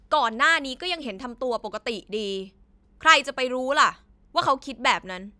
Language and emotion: Thai, angry